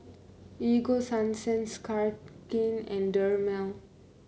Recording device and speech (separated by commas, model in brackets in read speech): mobile phone (Samsung C9), read sentence